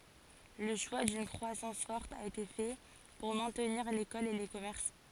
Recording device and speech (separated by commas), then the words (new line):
forehead accelerometer, read sentence
Le choix d'une croissance forte a été fait pour maintenir l'école et les commerces.